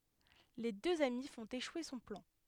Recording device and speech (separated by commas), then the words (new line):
headset microphone, read sentence
Les deux amis font échouer son plan.